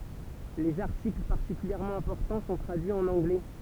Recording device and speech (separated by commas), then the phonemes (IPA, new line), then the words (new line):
temple vibration pickup, read sentence
lez aʁtikl paʁtikyljɛʁmɑ̃ ɛ̃pɔʁtɑ̃ sɔ̃ tʁadyiz ɑ̃n ɑ̃ɡlɛ
Les articles particulièrement importants sont traduits en anglais.